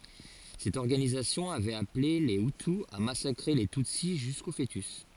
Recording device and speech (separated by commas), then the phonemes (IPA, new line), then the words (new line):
forehead accelerometer, read sentence
sɛt ɔʁɡanizasjɔ̃ avɛt aple le yty a masakʁe le tytsi ʒysko foətys
Cette organisation avait appelée les hutu à massacrer les tutsi jusqu'aux fœtus.